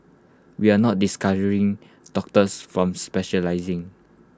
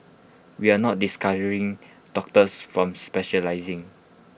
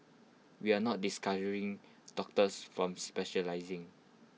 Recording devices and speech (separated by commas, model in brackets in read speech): close-talking microphone (WH20), boundary microphone (BM630), mobile phone (iPhone 6), read sentence